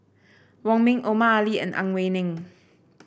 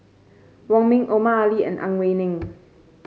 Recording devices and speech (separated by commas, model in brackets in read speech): boundary microphone (BM630), mobile phone (Samsung C5), read sentence